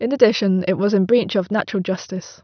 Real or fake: real